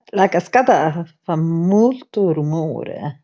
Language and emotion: Italian, fearful